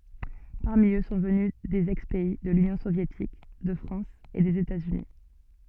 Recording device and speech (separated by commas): soft in-ear microphone, read sentence